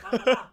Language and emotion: Thai, happy